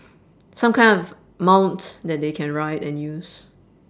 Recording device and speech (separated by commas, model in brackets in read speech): standing microphone, conversation in separate rooms